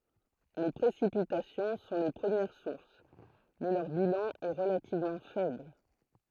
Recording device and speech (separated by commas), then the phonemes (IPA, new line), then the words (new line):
throat microphone, read sentence
le pʁesipitasjɔ̃ sɔ̃ le pʁəmjɛʁ suʁs mɛ lœʁ bilɑ̃ ɛ ʁəlativmɑ̃ fɛbl
Les précipitations sont les premières sources, mais leur bilan est relativement faible.